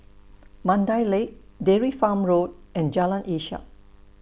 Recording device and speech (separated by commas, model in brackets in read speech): boundary microphone (BM630), read sentence